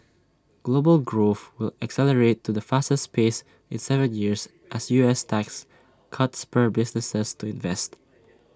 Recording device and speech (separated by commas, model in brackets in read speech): standing microphone (AKG C214), read sentence